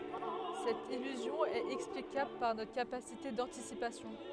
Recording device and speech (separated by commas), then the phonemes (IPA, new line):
headset microphone, read sentence
sɛt ilyzjɔ̃ ɛt ɛksplikabl paʁ notʁ kapasite dɑ̃tisipasjɔ̃